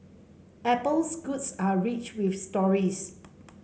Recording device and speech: mobile phone (Samsung C5), read sentence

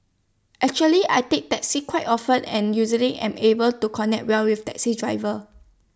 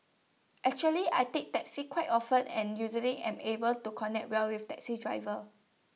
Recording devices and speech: standing microphone (AKG C214), mobile phone (iPhone 6), read sentence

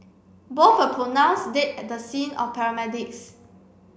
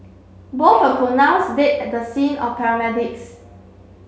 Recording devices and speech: boundary microphone (BM630), mobile phone (Samsung C7), read sentence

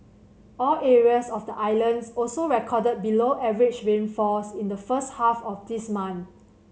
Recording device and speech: mobile phone (Samsung C7100), read sentence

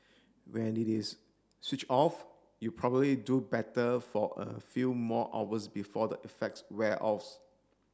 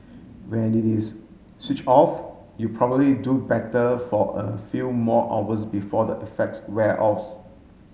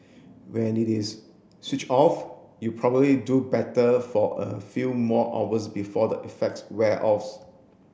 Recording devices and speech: standing microphone (AKG C214), mobile phone (Samsung S8), boundary microphone (BM630), read sentence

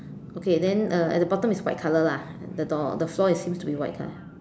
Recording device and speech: standing microphone, conversation in separate rooms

